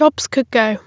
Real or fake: real